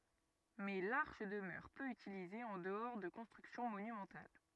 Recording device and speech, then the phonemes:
rigid in-ear microphone, read sentence
mɛ laʁʃ dəmœʁ pø ytilize ɑ̃ dəɔʁ də kɔ̃stʁyksjɔ̃ monymɑ̃tal

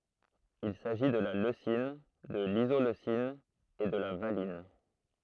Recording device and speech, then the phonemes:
throat microphone, read sentence
il saʒi də la løsin də lizoløsin e də la valin

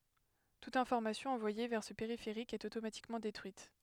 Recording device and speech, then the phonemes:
headset microphone, read sentence
tut ɛ̃fɔʁmasjɔ̃ ɑ̃vwaje vɛʁ sə peʁifeʁik ɛt otomatikmɑ̃ detʁyit

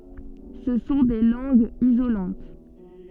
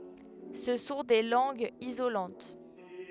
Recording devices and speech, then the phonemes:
soft in-ear microphone, headset microphone, read sentence
sə sɔ̃ de lɑ̃ɡz izolɑ̃t

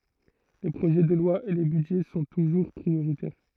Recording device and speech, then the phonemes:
throat microphone, read sentence
le pʁoʒɛ də lwa e le bydʒɛ sɔ̃ tuʒuʁ pʁioʁitɛʁ

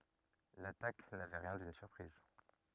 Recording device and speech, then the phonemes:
rigid in-ear microphone, read sentence
latak navɛ ʁjɛ̃ dyn syʁpʁiz

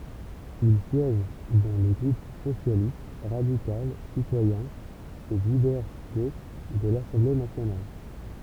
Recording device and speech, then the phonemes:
temple vibration pickup, read sentence
il sjɛʒ dɑ̃ lə ɡʁup sosjalist ʁadikal sitwajɛ̃ e divɛʁ ɡoʃ də lasɑ̃ble nasjonal

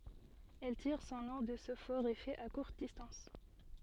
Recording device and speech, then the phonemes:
soft in-ear microphone, read sentence
ɛl tiʁ sɔ̃ nɔ̃ də sə fɔʁ efɛ a kuʁt distɑ̃s

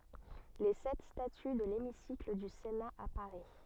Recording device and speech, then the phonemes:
soft in-ear microphone, read sentence
le sɛt staty də lemisikl dy sena a paʁi

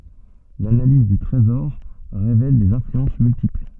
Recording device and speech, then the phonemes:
soft in-ear microphone, read sentence
lanaliz dy tʁezɔʁ ʁevɛl dez ɛ̃flyɑ̃s myltipl

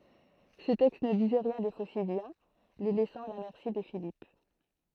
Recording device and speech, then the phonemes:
throat microphone, read sentence
sə tɛkst nə dizɛ ʁjɛ̃ de fosidjɛ̃ le lɛsɑ̃ a la mɛʁsi də filip

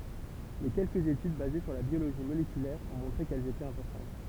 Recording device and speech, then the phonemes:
temple vibration pickup, read sentence
mɛ kɛlkəz etyd baze syʁ la bjoloʒi molekylɛʁ ɔ̃ mɔ̃tʁe kɛl etɛt ɛ̃pɔʁtɑ̃t

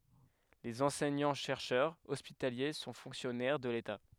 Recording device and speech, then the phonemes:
headset microphone, read sentence
lez ɑ̃sɛɲɑ̃tʃɛʁʃœʁz ɔspitalje sɔ̃ fɔ̃ksjɔnɛʁ də leta

